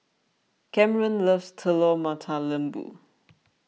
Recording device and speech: mobile phone (iPhone 6), read sentence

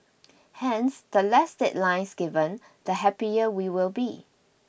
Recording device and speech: boundary microphone (BM630), read sentence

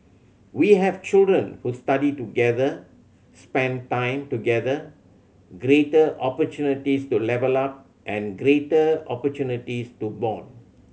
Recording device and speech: mobile phone (Samsung C7100), read sentence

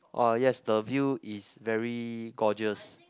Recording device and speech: close-talking microphone, conversation in the same room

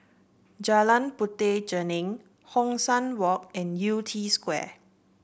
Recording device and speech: boundary microphone (BM630), read sentence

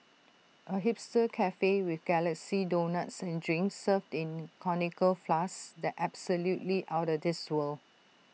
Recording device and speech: mobile phone (iPhone 6), read sentence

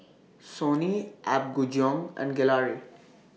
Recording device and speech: mobile phone (iPhone 6), read sentence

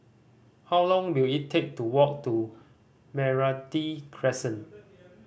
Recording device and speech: boundary microphone (BM630), read sentence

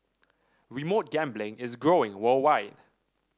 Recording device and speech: standing microphone (AKG C214), read sentence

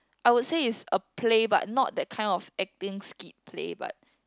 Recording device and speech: close-talking microphone, conversation in the same room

